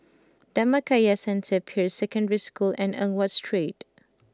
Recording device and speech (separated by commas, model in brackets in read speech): close-talking microphone (WH20), read sentence